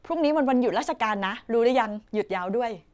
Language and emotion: Thai, happy